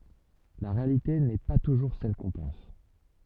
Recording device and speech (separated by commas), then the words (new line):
soft in-ear microphone, read sentence
La réalité n'est pas toujours celle qu'on pense.